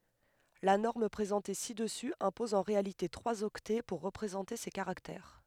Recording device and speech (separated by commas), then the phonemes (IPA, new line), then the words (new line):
headset microphone, read sentence
la nɔʁm pʁezɑ̃te si dəsy ɛ̃pɔz ɑ̃ ʁealite tʁwaz ɔktɛ puʁ ʁəpʁezɑ̃te se kaʁaktɛʁ
La norme présentée ci-dessus impose en réalité trois octets pour représenter ces caractères.